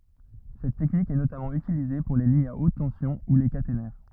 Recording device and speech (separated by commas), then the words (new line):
rigid in-ear microphone, read sentence
Cette technique est notamment utilisée pour les lignes à haute tension ou les caténaires.